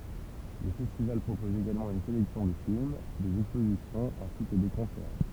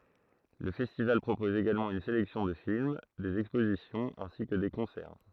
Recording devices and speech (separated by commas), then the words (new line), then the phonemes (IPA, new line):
temple vibration pickup, throat microphone, read sentence
Le festival propose également une sélection de films, des expositions ainsi que des concerts.
lə fɛstival pʁopɔz eɡalmɑ̃ yn selɛksjɔ̃ də film dez ɛkspozisjɔ̃z ɛ̃si kə de kɔ̃sɛʁ